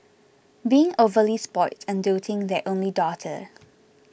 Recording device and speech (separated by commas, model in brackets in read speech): boundary microphone (BM630), read sentence